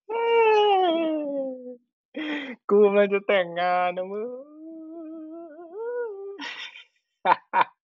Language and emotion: Thai, happy